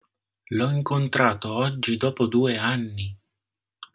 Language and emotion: Italian, surprised